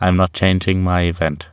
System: none